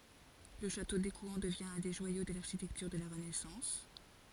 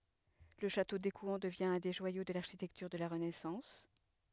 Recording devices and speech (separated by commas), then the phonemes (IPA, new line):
forehead accelerometer, headset microphone, read sentence
lə ʃato dekwɛ̃ dəvjɛ̃ œ̃ de ʒwajo də laʁʃitɛktyʁ də la ʁənɛsɑ̃s